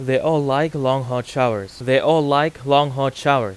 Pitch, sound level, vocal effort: 135 Hz, 94 dB SPL, very loud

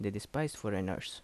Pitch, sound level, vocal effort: 105 Hz, 78 dB SPL, normal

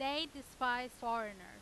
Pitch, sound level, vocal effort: 250 Hz, 97 dB SPL, very loud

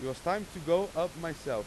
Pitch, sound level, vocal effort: 170 Hz, 96 dB SPL, very loud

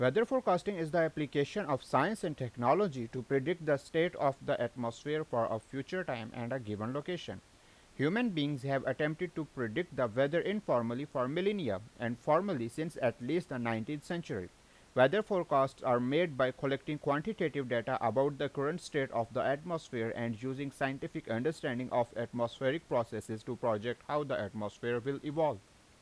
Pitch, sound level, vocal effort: 135 Hz, 89 dB SPL, loud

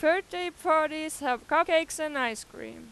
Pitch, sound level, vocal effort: 310 Hz, 97 dB SPL, very loud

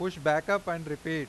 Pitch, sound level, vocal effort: 160 Hz, 96 dB SPL, loud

